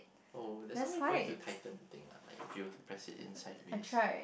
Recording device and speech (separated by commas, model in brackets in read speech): boundary microphone, conversation in the same room